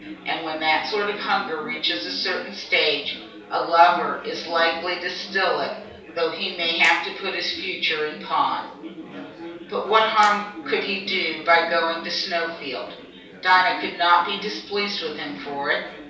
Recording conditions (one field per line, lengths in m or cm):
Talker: one person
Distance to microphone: 3.0 m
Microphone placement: far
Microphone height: 1.8 m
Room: small (3.7 m by 2.7 m)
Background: babble